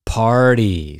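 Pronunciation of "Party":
In 'party', the t sounds like a d.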